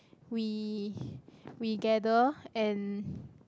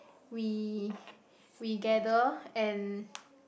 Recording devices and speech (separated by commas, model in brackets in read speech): close-talking microphone, boundary microphone, conversation in the same room